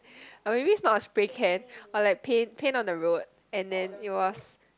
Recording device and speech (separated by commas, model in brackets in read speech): close-talking microphone, conversation in the same room